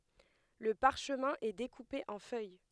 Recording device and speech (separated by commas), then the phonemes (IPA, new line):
headset microphone, read sentence
lə paʁʃmɛ̃ ɛ dekupe ɑ̃ fœj